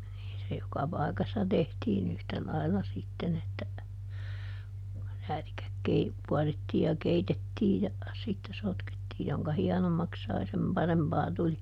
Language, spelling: Finnish, niin se joka paikassa tehtiin yhtä lailla sitten että räätikkä - kuorittiin ja keitettiin ja sitten sotkettiin jonka hienommaksi sai sen parempaa tuli
- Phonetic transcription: niin se ˈjoka "pai̮kassa ˈtehtiiˈn ‿yhtä ˈlailla ˈsitten ‿että , ˈräätikäk ˈkei- , ˈkuarittiij ja "keitettiij ja , sitte ˈsotkettii - joŋka "hiɛnommaks ˈsai sem "parempaa ˈtuli .

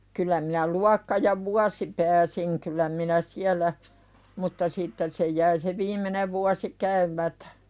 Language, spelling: Finnish, kyllä minä luokka ja vuosi pääsin kyllä minä siellä mutta sitten se jäi se viimeinen vuosi käymättä
- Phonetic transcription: kyl̆lä minä 'luakka ja "vuasi pääsiŋ kyl̆lä minä "siäl̆lä , mutta 'sitten se jäi se "viim̀enev vuasi 'käym̀ätᴀ̈ .

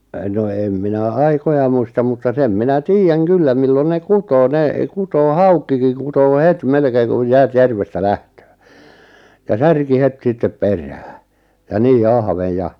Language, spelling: Finnish, no en minä aikoja muista mutta sen minä tiedän kyllä milloin ne kutee ne kutee haukikin kutee heti melkein kun jäät järvestä lähtee ja särki heti sitten perään ja niin ahven ja
- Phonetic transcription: 'no em 'minä "aikoja muistam mutta 'sem 'minä "tiijjäŋ "kyllä 'millon 'ne "kutoo 'ne , 'kutoo "hauk̆kikiŋ 'kutoo "het 'melkeeŋ kuj 'jäät 'järvestä "lähtöö , ja "särki 'het 'sittep "perää , ja "nii "ahveʲ ja ,.

